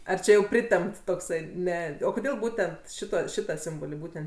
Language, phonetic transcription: Lithuanian, ar ˈčia jau ˈpritempt tokˈsai ˈne o koˈdėl ˈbūtent ˈšita ˈšita ˈsimboli ˈbūtent

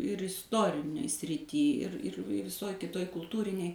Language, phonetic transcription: Lithuanian, ir isˈtorinėj sriˈty ir ir i viˈsoj kiˈtoj kulˈtūrinėj

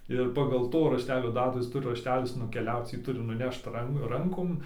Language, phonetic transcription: Lithuanian, ir pagal ˈto rašˈtelio ˈdatų ˈjis ˈturi rašˈtelis nukeˈliauc ˈjį ˈturi nuˈnešt ˈran ˈrankom

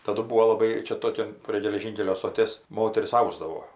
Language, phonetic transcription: Lithuanian, taˈdu ˈbūo laˈbai ˈčia ˈtokian prie geleˈžynkelio stoˈtės ˈmoteris ˈausdavo

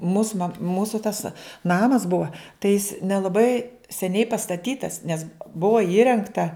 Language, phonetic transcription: Lithuanian, mūs mak ˈmūsu tas ˈnamas ˈbua tai jis nelaˈbai seˈniai pastaˈtytas nes ˈbua ˈįrengta

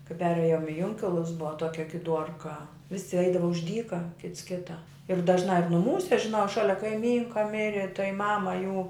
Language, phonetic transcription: Lithuanian, kai ˈperėjom i ˈjunkilus ˈbuva ˈtuokia giˈduorka ˈvisi ˈaidava už ˈdyka ˈkits ˈkita ir dažˈnā juk nuˈmūse žiˈnau ˈšalia kaiˈmynka ˈmiri tai ˈmama jų

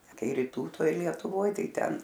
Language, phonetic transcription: Lithuanian, ˈkai ryˈtų ˈtoj lietuˈvoj ˈtai ˈten

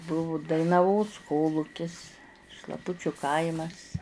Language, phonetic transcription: Lithuanian, ˈbuvu dainaˈvos ˈkolūkis šlaˈpučiu ˈkaimas

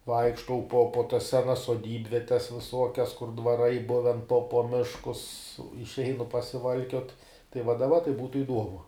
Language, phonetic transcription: Lithuanian, ˈvaikštau po po tas ˈsenas soˈdybvietes viˈsuokias kur dvaˈrai ˈbuven po po ˈmiškus išˈeinu pasiˈvalkiot tai va daˈba tai ˈbūtu iˈduomu

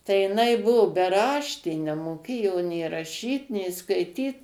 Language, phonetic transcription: Lithuanian, tai jiˈnai ˈbuvu beˈraštė nemoˈkėjo nė raˈšyt nė skaiˈtyt

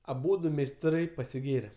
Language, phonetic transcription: Lithuanian, aˈbūdu meisˈtrai pasiˈgėre

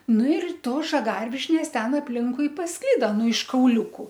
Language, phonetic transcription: Lithuanian, ˈnu ir ˈtos žaˈgarvišnės ˈten apˈlinkui pasˈklida ˈnu iš kauˈliuku

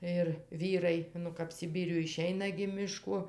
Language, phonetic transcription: Lithuanian, ir ˈvyrai ˈnu kap siˈbyriuj iˈšeina gi miˈško

